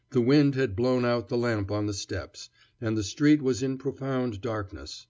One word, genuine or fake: genuine